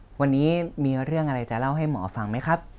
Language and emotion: Thai, neutral